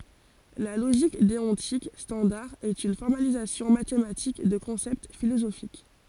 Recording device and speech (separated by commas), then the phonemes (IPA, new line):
forehead accelerometer, read sentence
la loʒik deɔ̃tik stɑ̃daʁ ɛt yn fɔʁmalizasjɔ̃ matematik də kɔ̃sɛpt filozofik